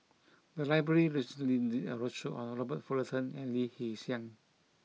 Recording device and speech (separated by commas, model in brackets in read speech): mobile phone (iPhone 6), read sentence